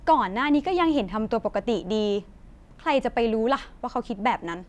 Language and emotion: Thai, frustrated